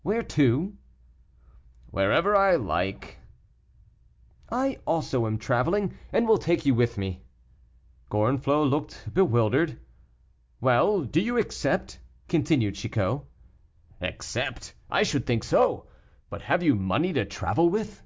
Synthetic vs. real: real